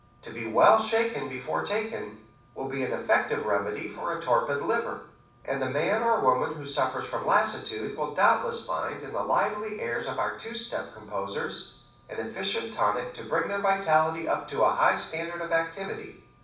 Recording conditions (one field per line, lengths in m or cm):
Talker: one person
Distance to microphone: 5.8 m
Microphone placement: far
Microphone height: 1.8 m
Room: medium-sized (5.7 m by 4.0 m)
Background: none